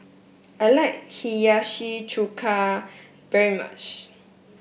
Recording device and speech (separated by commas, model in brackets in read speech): boundary microphone (BM630), read sentence